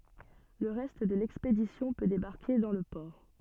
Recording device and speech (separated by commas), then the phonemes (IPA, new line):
soft in-ear microphone, read sentence
lə ʁɛst də lɛkspedisjɔ̃ pø debaʁke dɑ̃ lə pɔʁ